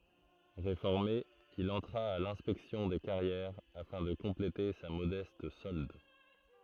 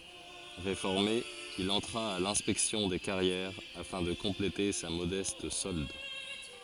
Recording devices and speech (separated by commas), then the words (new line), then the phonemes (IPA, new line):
throat microphone, forehead accelerometer, read sentence
Réformé, il entra à l'Inspection des carrières afin de compléter sa modeste solde.
ʁefɔʁme il ɑ̃tʁa a lɛ̃spɛksjɔ̃ de kaʁjɛʁ afɛ̃ də kɔ̃plete sa modɛst sɔld